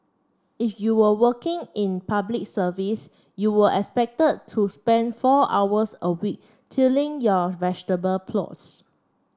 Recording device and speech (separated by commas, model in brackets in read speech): standing microphone (AKG C214), read sentence